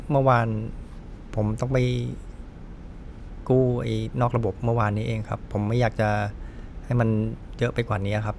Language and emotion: Thai, frustrated